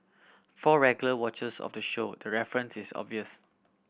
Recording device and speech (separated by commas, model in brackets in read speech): boundary microphone (BM630), read sentence